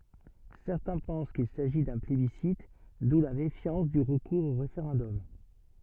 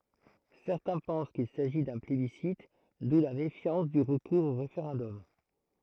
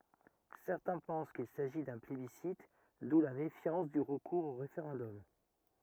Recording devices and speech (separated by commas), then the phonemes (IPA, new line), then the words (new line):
soft in-ear microphone, throat microphone, rigid in-ear microphone, read sentence
sɛʁtɛ̃ pɑ̃s kil saʒi dœ̃ plebisit du la mefjɑ̃s dy ʁəkuʁz o ʁefeʁɑ̃dɔm
Certains pensent qu'il s'agit d'un plébiscite d'où la méfiance du recours au référendum.